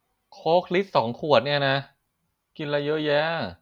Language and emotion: Thai, frustrated